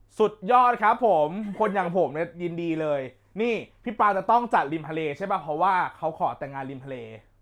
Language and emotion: Thai, happy